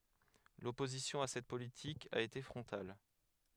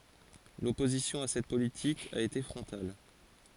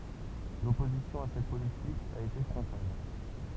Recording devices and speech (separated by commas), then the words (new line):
headset microphone, forehead accelerometer, temple vibration pickup, read sentence
L’opposition à cette politique a été frontale.